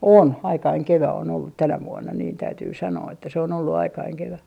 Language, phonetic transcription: Finnish, "on , 'aikaiŋ 'kevä on ollut "tänä "vuonna niin 'täytyy 'sanoo että se on ollu 'aikaiŋ 'kevä .
- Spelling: on aikainen kevät on ollut tänä vuonna niin täytyy sanoa että se on ollut aikainen kevät

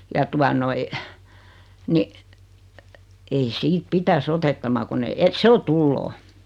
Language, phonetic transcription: Finnish, ja 'tua noi , 'ni , ei 'siit 'pitäs "otettama kunn ‿e et 'se o "tulloo .
- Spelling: ja tuota noin niin ei siitä pitäisi otettaman kun en että se on tuloa

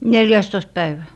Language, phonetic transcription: Finnish, "nel'jä̀stoist 'päivä .
- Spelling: neljästoista päivä

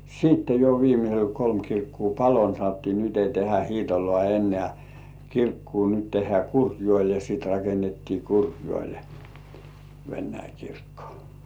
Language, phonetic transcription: Finnish, siitte jo viimisel "kolm 'kirkkuu "palo ni sanottii nyt ei tehä 'Hiitolŏà ennĕä̀ , "kirkkuu nyt 'tehhĕä̀ "Kurjŭòĺe ja sìt rakennettii 'Kurjŭòĺe , "Vennäi 'kirkkᴏ .
- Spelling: sitten jo viimeisellä kolme kirkkoa paloi niin sanottiin nyt ei tehdä Hiitolaan enää kirkkoa nyt tehdään Kurkijoelle ja sitten rakennettiin Kurkijoelle Venäläinen kirkko

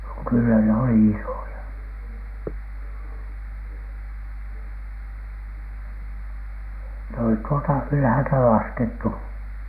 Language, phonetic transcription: Finnish, kyllä ne 'oli "isòja , ne olit tuolta "ylᵃ̈häälta 'laskettu .
- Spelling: kyllä ne oli isoja ne olivat tuolta ylhäältä laskettu

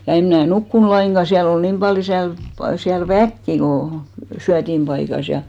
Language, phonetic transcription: Finnish, ja 'em mnä̀ "nukkun laiŋɢa , 'siäl ‿ol 'niim ʙaljo 'siälp , 'siäl "väkki ko , 'syätimʙaikas ja .
- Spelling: ja en minä nukkunut lainkaan siellä oli niin paljon siellä siellä väkeä kun syötinpaikassa ja

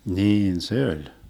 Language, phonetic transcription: Finnish, 'niin "se oĺ .
- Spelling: niin se oli

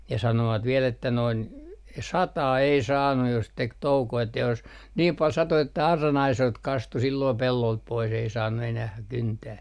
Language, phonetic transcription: Finnish, ja 'sanovat viɛl ‿että noin , "sataa ei 'saannu jos 'tek 'toukoo että jos , niim 'pal 'sato että 'arra'n ‿aisoilt 'kastu silloo "pellolt 'pois ei 'saannu enäh 'kyntää .
- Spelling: ja sanoivat vielä että noin sataa ei saanut jos teki toukoa että jos niin paljon satoi että auran aisoilta kastui silloin pellolta pois ei saanut enää kyntää

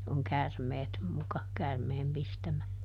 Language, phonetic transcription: Finnish, oŋ "kärmeet muka , ˈkärmeem ˈpistämä .
- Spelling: on käärmeet muka käärmeen pistämä

